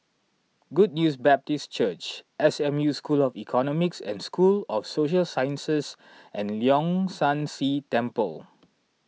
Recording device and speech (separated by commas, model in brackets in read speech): mobile phone (iPhone 6), read sentence